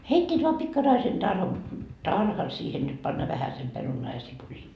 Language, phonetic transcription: Finnish, 'heit́t́iit vaa 'pikkaraisen tar- , "tarhan siihen niit panna 'vähäsem 'perunaa ja 'sipulii .
- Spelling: heittivät vain pikkaraisen - tarhan siihen niitä panna vähäsen perunaa ja sipulia

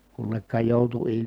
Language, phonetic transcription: Finnish, kunnekka jòutu il-
- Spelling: kunnekka joutui -

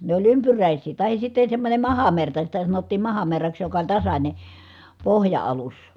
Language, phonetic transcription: Finnish, ne oĺ ympyrä̀is̀ii tahis sitte semmońe mahamerta sitä sanottiim mahamerraks joka oĺ tasańe , pohja₍alus .
- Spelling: ne oli ympyräisiä tai sitten semmoinen mahamerta sitä sanottiin mahamerraksi joka oli tasainen pohja-alus

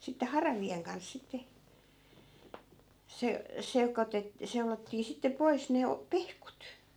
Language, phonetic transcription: Finnish, 'sitte "haravi₍eŋ kans 'sitte , 'se , 'sekotet- , 'seulottii sitte 'pois ne o- , "pehkut .
- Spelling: sitten haravien kanssa sitten se - seulottiin sitten pois ne - pehkut

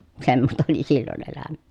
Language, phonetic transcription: Finnish, semmosta oli sillon ‿elämä .
- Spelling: semmoista oli silloin elämä

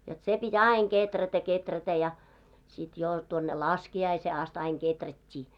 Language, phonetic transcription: Finnish, jot se pi"t́ ‿aiŋ 'keträtä 'keträtä ja , sit 'jò tuonne "laski₍aisee ast aiŋ 'ɢeträt́t́ii .
- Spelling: jotta se piti aina kehrätä kehrätä ja sitten jo tuonne laskiaiseen asti aina kehrättiin

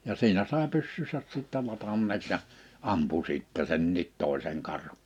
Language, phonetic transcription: Finnish, ja 'siinä sàe 'pyssyysäs 'sittä 'latanneeks ja , 'ampu 'sìttɛ 'senniit 'tòeseŋ 'karh(un) .
- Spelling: ja siinä sai pyssynsä sitten ladanneeksi ja ampui sitten senkin toisen karhun

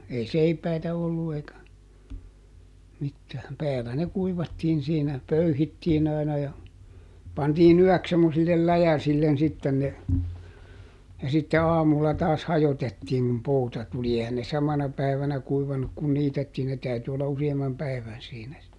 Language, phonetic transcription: Finnish, ei "seipäitä ˈollu eikä , mittääm - ˈpäälä ne ˈkuivattiin̬ siinä , "pöyhittiin ‿ai̮na ja , ˈpantii"n ‿yɔ̈̀ks semmosillel "läjäsillen ˈsitten ne , ja sitte "aamulla taas "hajotettiiŋ kum ˈpouta tuli - ˈehän ne "samana ˈpäivänä ˈkuivanuk kun "niitettiin - ne ˈtäyty olla ˈusi₍ammam ˈpäi̮vän siinä si- .
- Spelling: ei seipäitä ollut eikä mitään päällä ne kuivattiin siinä pöyhittiin aina ja pantiin yöksi semmoisille läjäsille sitten ne ja sitten aamulla taas hajotettiin kun pouta tuli eihän ne samana päivänä kuivanut kun niitettiin ne täytyi olla useamman päivän siinä -

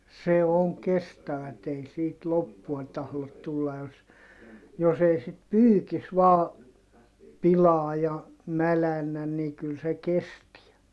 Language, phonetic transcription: Finnish, se oŋ kestävät ‿ei siit loppua tahlot tulla jos , jos ‿ei sit pyykis vaa , pilaa ja , mälännän ni kyl se kestiä .
- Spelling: se on kestävät ei siitä loppua tahdo tulla jos jos ei sitten pyykissä vain pilaa ja mädännä niin kyllä se kestää

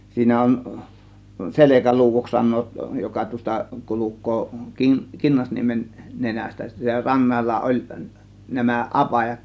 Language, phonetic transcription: Finnish, 'siinä on , "SelekäluuWoks 'san̆noot joka tuos̆ta 'kuluk̆koo , 'kin- , 'Kinnasniemen , "nenästä , (sittä) 'rannalla oĺ , nämä "ˀapajat .
- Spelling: siinä on Selkäluodoksi sanovat joka tuosta kulkee - Kinnasniemen nenästä sitten rannalla oli nämä apajat

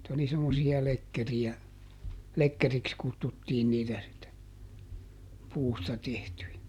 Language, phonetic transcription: Finnish, [et]tä oli semmosi₍a ˈlekkeri₍ä , "lekkeriks ˈkuttuttiin niitä sitte , ˈpuusta ˈtehtyjä .
- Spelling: että oli semmoisia lekkereitä lekkeriksi kutsuttiin niitä sitten puusta tehtyjä

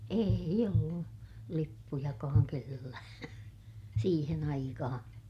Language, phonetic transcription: Finnish, èij ‿ollu , lippujakaaŋ kellää , siihen ‿aikahaa̰ .
- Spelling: ei ollut lippujakaan kenelläkään siihen aikaan

